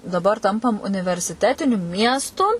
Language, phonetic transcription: Lithuanian, daˈbar ˈtampam universiˈtetiniu ˈmiestu

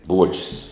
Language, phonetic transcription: Lithuanian, ˈbuočius

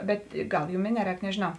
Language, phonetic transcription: Lithuanian, ˈbet ˈgal ˈjūm i ˈneˌrēk nežėˈnau

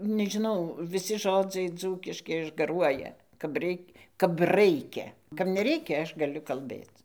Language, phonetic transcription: Lithuanian, nežiˈnau viˈsi ˈžodzai ˈdzūkiški išgaˈruoja kap ˈreik' kap ˈraikia kap neˈreikia ˈaš gaˈliu kalˈbėc

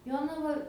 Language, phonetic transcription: Lithuanian, ˈjonava

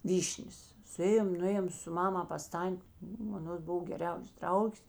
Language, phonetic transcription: Lithuanian, ˈvyšnės suˈėjom nuˈėjom su ˈmama pas ˈtan't' ˈnu aˈnos ˈbuv geˈriaus ˈdraugės

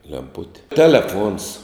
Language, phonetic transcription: Lithuanian, lemˈputi teleˈfuons

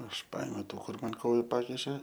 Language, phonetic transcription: Lithuanian, aš ˈpaėmiau ˈtų ˈkur ˈman ˈkoju ˈpakišė

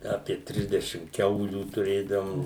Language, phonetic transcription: Lithuanian, apie ˈtrisdešim ˈkiaulių tuˈrėdavom

